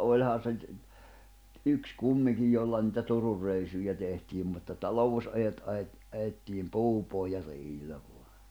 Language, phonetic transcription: Finnish, 'òĺhan se , 'yks 'kummiŋkij jolla nitä 'Tururreisuja tehtiim mutta 'talovus₍’ajot ’aʲet-₍ aʲettiim "puupohja'reʲillä voa .
- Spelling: olihan se yksi kumminkin jolla niitä Turunreissuja tehtiin mutta talousajot ajettiin ajettiin puupohjareillä vain

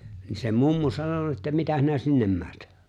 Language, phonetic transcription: Finnish, ni se 'mummu 'sano(n̆na) että » "mitä s̬inä "sinnem 'määt ? «
- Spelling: niin se mummo sanonut että mitä sinä sinne menet

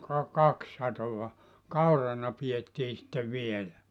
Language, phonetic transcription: Finnish, ka 'kak 'satova , "kaurana piettii sⁱttev 'vielä .
- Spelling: ka kaksi satoa kaurana pidettiin sitten vielä

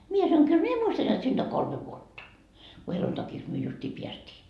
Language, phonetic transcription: Finnish, mie sanoŋ » 'kyl "mie 'muistan jot siinD oŋ 'kolme vuotta , ku 'heluntakiks myö justii 'piästii » .
- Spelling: minä sanoin kyllä minä muistan jotta siitä on kolme vuotta kun helluntaiksi me justiin päästiin

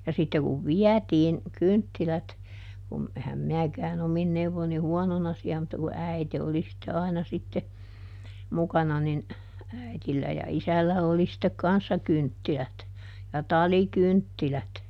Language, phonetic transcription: Finnish, ja ˈsitte kuv "viätiin , ˈkynttilät , kum , ˈehäm ˈminäkääˈn ‿omin neuvvon̆ ni ˈhuɔnona siä mutta ku "äite oli sitte ˈaina sitte , ˈmukana nin , ˈäi̮tillä ja ˈisällä oli sittek "kanssa ˈkynttilät , ja "taliˈkynttilät .
- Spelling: ja sitten kun vietiin kynttilät kun enhän minäkään omin neuvoin niin huonona siellä mutta kun äiti oli sitten aina sitten mukana niin äidillä ja isällä oli sitten kanssa kynttilät ja talikynttilät

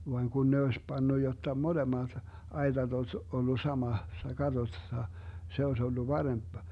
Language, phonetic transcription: Finnish, vaŋ 'kun ne oes 'pannu jotta 'molemat , 'ai̮tat oś ollu 'samassa 'katossa , 'se oes ollu 'paremp .
- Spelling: vaan kun ne olisi pannut jotta molemmat aitat olisi ollut samassa katossa se olisi ollut parempi

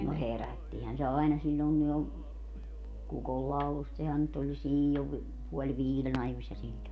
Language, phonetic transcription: Finnish, no "herättihän se 'aina 'siĺĺòiŋki jo , 'kukollaulust sehän nyt oĺ jo "siĺĺov , puoĺ "viilen ‿ajośśa siĺĺon .
- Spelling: no herättihän se aina silloinkin jo kukonlaulusta sehän nyt oli jo silloin puoli viiden ajoissa silloin

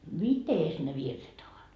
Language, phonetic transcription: Finnish, "mites ne 'virret ‿ovat ?
- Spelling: mitenkäs ne virret ovat

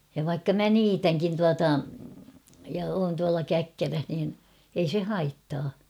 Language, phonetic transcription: Finnish, ja vaikka 'mä "niitäŋkin 'tuata , ja oon tuala 'käkkäräh niin , ei se "haittaa .
- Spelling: ja vaikka minä niitänkin tuota ja olen tuolla käkkärässä niin ei se haittaa

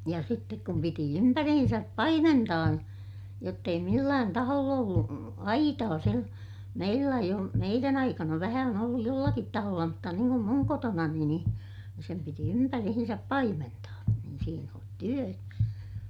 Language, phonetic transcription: Finnish, ja sittek kum piti ympärihinsäp paimentaa , jott ‿ei millään taholl ‿ollu , aitaa sil- , meillä eij ‿ol- , meirän ‿aikana vähä on olluj jollakit taholla mutta niiŋ kum muŋ kotonani niḭ , sem piti ympärihinsäp paimentaa , niin siin ‿on työ .
- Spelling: ja sitten kun piti ympäriinsä paimentaa jotta ei millään taholla ollut aitaa - meillä ei - meidän aikana vähän on ollut jollakin taholla mutta niin kuin minun kotonani niin sen piti ympäriinsä paimentaa niin siinä on työ

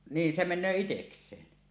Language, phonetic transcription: Finnish, 'niin se "men̆nöö 'iteks̀een .
- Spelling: niin se menee itsekseen

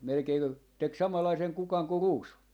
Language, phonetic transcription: Finnish, melᵉkei (ku) , 'tek "samallaiseŋ 'kukaŋ ku "ruusu .
- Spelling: melkein - teki samanlaisen kukan kuin ruusu

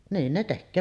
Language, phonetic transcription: Finnish, 'niin ne tekköö .
- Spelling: niin ne tekee

